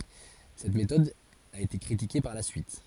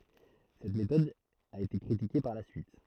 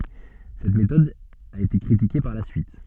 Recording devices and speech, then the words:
forehead accelerometer, throat microphone, soft in-ear microphone, read sentence
Cette méthode a été critiquée par la suite.

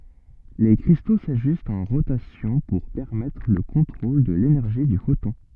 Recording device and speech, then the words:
soft in-ear microphone, read sentence
Les cristaux s’ajustent en rotation pour permettre le contrôle de l’énergie du photon.

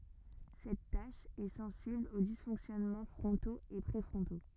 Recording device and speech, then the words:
rigid in-ear microphone, read sentence
Cette tâche est sensible aux dysfonctionnements frontaux et préfrontaux.

